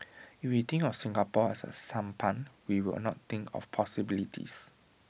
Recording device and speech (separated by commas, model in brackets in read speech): boundary microphone (BM630), read sentence